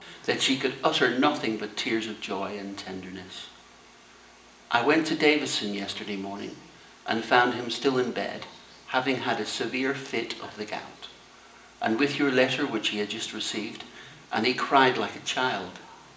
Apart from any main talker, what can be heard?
A television.